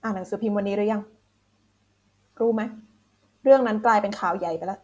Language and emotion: Thai, frustrated